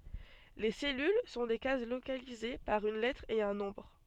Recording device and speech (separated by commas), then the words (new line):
soft in-ear microphone, read sentence
Les cellules sont des cases localisées par une lettre et un nombre.